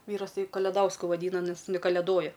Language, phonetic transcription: Lithuanian, ˈvyras ˈtai kaleˈdausku vaˈdyna nes in kaleˈdoja

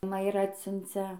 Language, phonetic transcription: Lithuanian, ma ir ˈatsiuncia

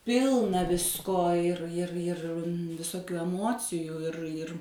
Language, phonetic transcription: Lithuanian, ˈpilna ˈvisko ir ir ir visoˈkių eˈmocijų ir ir

